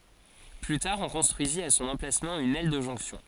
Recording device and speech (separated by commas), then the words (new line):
forehead accelerometer, read sentence
Plus tard on construisit à son emplacement une aile de jonction.